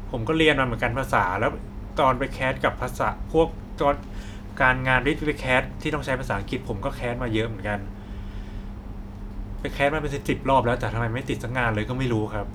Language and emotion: Thai, frustrated